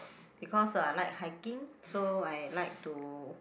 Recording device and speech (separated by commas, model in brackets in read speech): boundary microphone, conversation in the same room